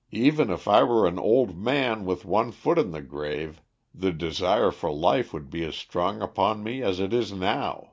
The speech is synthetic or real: real